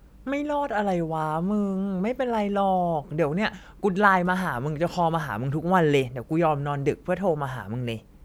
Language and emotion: Thai, neutral